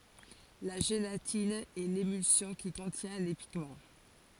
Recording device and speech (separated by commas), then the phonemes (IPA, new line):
forehead accelerometer, read sentence
la ʒelatin ɛ lemylsjɔ̃ ki kɔ̃tjɛ̃ le piɡmɑ̃